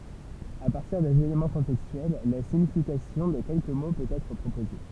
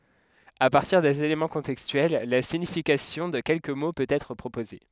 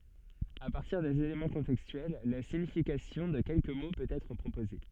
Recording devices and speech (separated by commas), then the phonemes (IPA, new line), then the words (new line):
temple vibration pickup, headset microphone, soft in-ear microphone, read sentence
a paʁtiʁ dez elemɑ̃ kɔ̃tɛkstyɛl la siɲifikasjɔ̃ də kɛlkə mo pøt ɛtʁ pʁopoze
À partir des éléments contextuels, la signification de quelques mots peut être proposée.